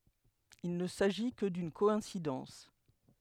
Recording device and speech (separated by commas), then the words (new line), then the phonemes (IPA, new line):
headset microphone, read sentence
Il ne s'agit que d'une coïncidence.
il nə saʒi kə dyn kɔɛ̃sidɑ̃s